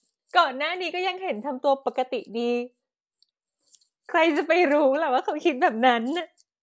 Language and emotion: Thai, sad